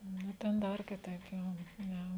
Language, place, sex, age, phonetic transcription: Lithuanian, Žemaitija, female, 18-60, nu ˈten ˈdar kiˈtaip ˈjo ˈne

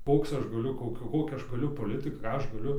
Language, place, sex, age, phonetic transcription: Lithuanian, Dzūkija, male, 18-60, ˈkoks ˈaš gaˈliu ˈkokia ˈkokią ˈaš gaˈliu poˈlitɨk ˈką ˈaš gaˈliu

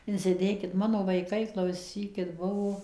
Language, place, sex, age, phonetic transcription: Lithuanian, Suvalkija, female, 60+, insiˈdėkit ˈmano vaiˈkai klauˈsykit ˈbuvo

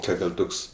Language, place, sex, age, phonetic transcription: Lithuanian, Aukštaitija, male, 18-60, ˈkad ir ˈtuks

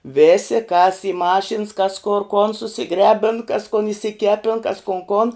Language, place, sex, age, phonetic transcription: Lithuanian, Žemaitija, female, 18-60, ˈvėsi kas i ˈmašins kas kor kon susiˈgrebin kas kun išsiˈkepin kas kun kon

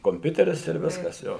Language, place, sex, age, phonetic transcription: Lithuanian, Suvalkija, male, 60+, komˈpiuteris ir ˈviskas ˈjo

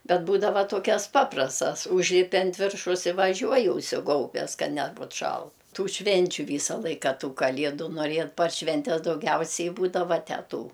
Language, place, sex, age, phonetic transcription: Lithuanian, Aukštaitija, female, 60+, ˈbet ˈbūdava ˈtokias ˈpaprastas ˈužlipi ant ˈviršaus i vaˈžiuoji užsiˈgaubes ka ˈnebut ˈšalt ˈtų ˈšvenčiu ˈvysa ˈlaika ˈtų kaˈliedu norie par ˈšventes dauˈgiausiai ˈbūdava ˈtęˈtų

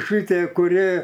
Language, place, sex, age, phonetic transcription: Lithuanian, Aukštaitija, male, 60+, ˈšɨtie kuˈrie

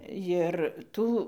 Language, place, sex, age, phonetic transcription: Lithuanian, Dzūkija, female, 60+, jir ˈtų

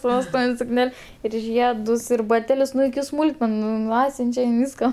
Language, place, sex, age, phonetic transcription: Lithuanian, Aukštaitija, female, 18-60, su vesˈtūvin' sukˈnel' ir ˈžiedus ir baˈtelius ˈnu iki ˈsmūlkmenu nu ˈatsiunčia in ˈvyska

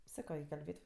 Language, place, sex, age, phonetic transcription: Lithuanian, Aukštaitija, female, 18-60, ˈsako i kalˈbėt'

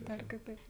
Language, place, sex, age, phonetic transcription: Lithuanian, Žemaitija, female, 18-60, ˈdar kiˈtaip

